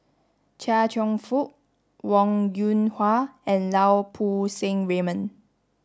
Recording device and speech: standing microphone (AKG C214), read sentence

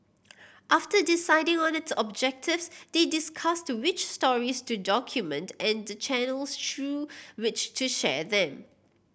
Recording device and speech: boundary microphone (BM630), read sentence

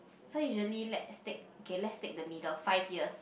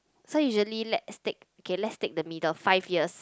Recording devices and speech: boundary microphone, close-talking microphone, conversation in the same room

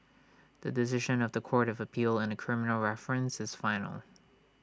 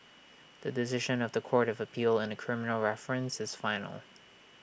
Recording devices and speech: standing microphone (AKG C214), boundary microphone (BM630), read sentence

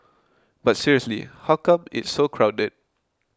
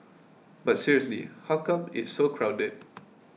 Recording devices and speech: close-talking microphone (WH20), mobile phone (iPhone 6), read sentence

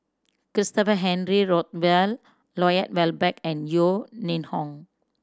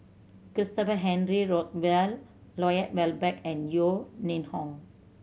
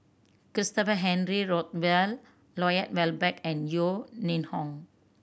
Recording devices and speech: standing microphone (AKG C214), mobile phone (Samsung C7100), boundary microphone (BM630), read sentence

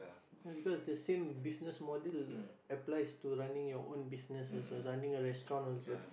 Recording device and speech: boundary microphone, conversation in the same room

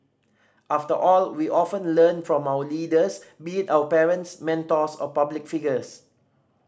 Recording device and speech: standing microphone (AKG C214), read sentence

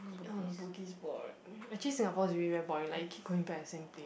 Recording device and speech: boundary microphone, conversation in the same room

